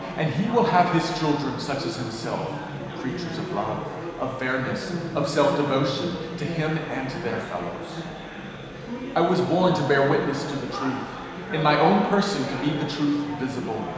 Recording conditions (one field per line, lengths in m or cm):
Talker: one person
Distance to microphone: 1.7 m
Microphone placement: close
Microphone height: 1.0 m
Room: very reverberant, large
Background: babble